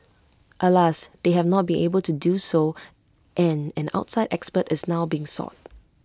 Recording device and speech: close-talking microphone (WH20), read sentence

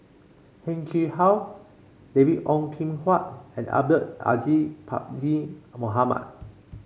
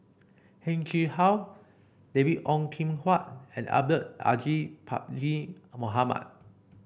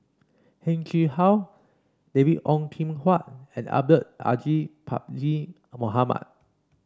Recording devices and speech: mobile phone (Samsung C5), boundary microphone (BM630), standing microphone (AKG C214), read sentence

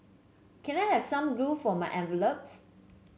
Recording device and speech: mobile phone (Samsung C7), read sentence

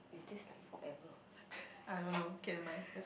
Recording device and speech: boundary microphone, conversation in the same room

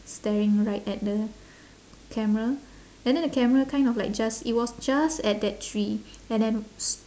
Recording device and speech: standing microphone, conversation in separate rooms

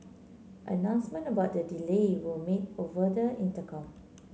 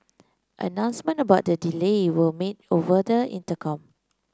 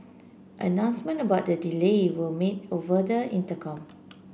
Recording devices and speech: mobile phone (Samsung C9), close-talking microphone (WH30), boundary microphone (BM630), read sentence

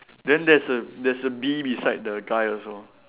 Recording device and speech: telephone, conversation in separate rooms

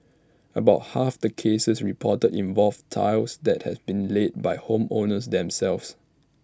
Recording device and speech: standing microphone (AKG C214), read sentence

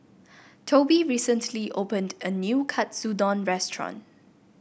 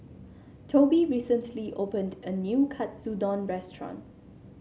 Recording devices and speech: boundary microphone (BM630), mobile phone (Samsung C7), read sentence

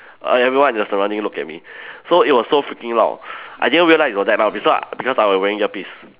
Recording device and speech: telephone, conversation in separate rooms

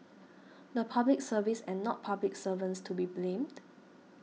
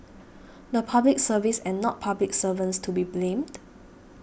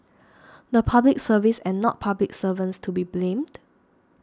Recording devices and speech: mobile phone (iPhone 6), boundary microphone (BM630), standing microphone (AKG C214), read sentence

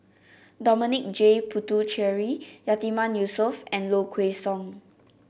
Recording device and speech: boundary microphone (BM630), read sentence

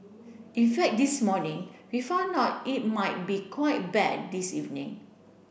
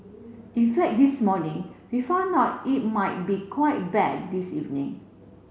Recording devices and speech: boundary microphone (BM630), mobile phone (Samsung C7), read sentence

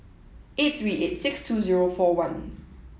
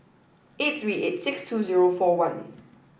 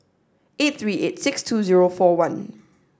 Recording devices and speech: mobile phone (iPhone 7), boundary microphone (BM630), standing microphone (AKG C214), read sentence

